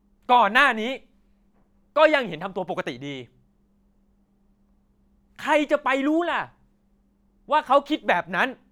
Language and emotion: Thai, angry